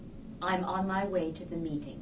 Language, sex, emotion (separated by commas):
English, female, neutral